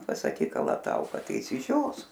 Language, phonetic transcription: Lithuanian, pasaˈkyk kalaˈtauka ˈtai išsiˈžios

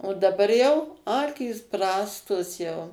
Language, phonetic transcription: Lithuanian, o daˈbar jau ˈakys ˈprastos jau

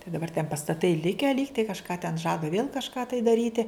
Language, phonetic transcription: Lithuanian, tai daˈbar ten pastaˈtai ˈlikę ˈlygtai kažˈką ten ˈžada vėl kažˈką tai daˈryti

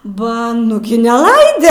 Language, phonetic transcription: Lithuanian, ˈba ˈnugi neˈlaide

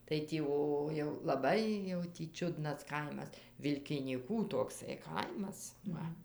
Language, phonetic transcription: Lithuanian, tai tį ˈo jau laˈbai jau tį ˈčiudnas ˈkaimas vilkinyˈkų tokˈsai ˈkaimas ˈva

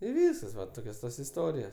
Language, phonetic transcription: Lithuanian, i ˈvyskas va ˈtokios ˈtos iˈstorijos

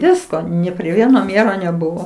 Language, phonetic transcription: Lithuanian, ˈvisko ni pri ˈvieno ˈmėro neˈbuvo

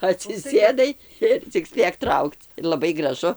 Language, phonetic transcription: Lithuanian, atsiˈsėdai ˈir cik ˈspėk ˈtraukc laˈbai graˈžu

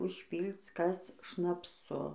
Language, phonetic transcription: Lithuanian, užˈpylc ˈkas šnapˈsu

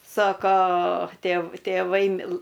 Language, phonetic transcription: Lithuanian, ˈsoko tėv tėˈvai ˈmilɘ

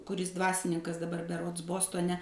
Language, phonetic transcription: Lithuanian, kuˈris ˈdvasininkas daˈbar beˈrods ˈbostone

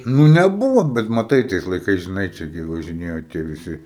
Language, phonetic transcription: Lithuanian, ˈnu neˈbuvo bet maˈtai tais laiˈkais žiˈnai ˈčia gi važiˈnėjo tie viˈsi

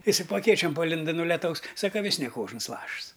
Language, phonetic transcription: Lithuanian, ˈisai po aˈkėčiom paˈlinda nu leˈtaus ˈsaka ˈvis ne ˈkožns ˈlašs

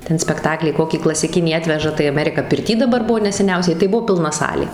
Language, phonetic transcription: Lithuanian, ˈten spekˈtaklį ˈkokį klasiˈkinį ˈatveža tai aˈmerika pirˈty daˈbar ˈbuvo neseˈniausiai tai ˈbuo pilˈna ˈsalė

